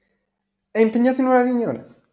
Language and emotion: Italian, neutral